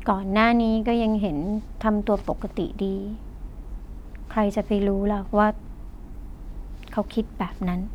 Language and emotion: Thai, frustrated